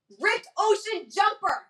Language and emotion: English, angry